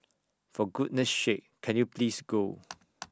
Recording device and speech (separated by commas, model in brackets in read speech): standing microphone (AKG C214), read sentence